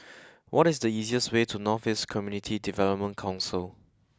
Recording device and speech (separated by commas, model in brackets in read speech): close-talking microphone (WH20), read sentence